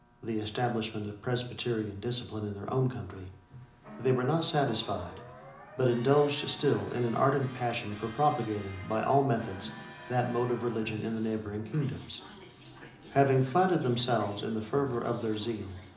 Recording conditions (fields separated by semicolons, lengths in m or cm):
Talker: one person; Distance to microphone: 2.0 m; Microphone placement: close; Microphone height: 99 cm; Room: medium-sized (5.7 m by 4.0 m); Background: television